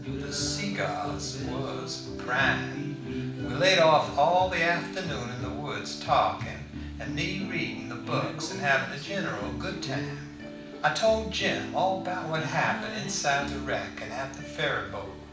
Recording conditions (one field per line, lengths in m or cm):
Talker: one person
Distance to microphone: 5.8 m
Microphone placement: far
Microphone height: 1.8 m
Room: medium-sized (5.7 m by 4.0 m)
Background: music